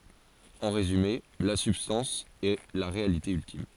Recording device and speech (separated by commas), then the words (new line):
forehead accelerometer, read sentence
En résumé, la substance est la réalité ultime.